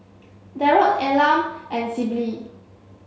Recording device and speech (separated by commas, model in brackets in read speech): mobile phone (Samsung C7), read sentence